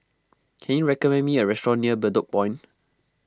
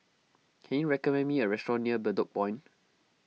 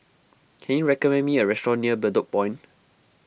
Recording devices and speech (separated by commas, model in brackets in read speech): close-talking microphone (WH20), mobile phone (iPhone 6), boundary microphone (BM630), read sentence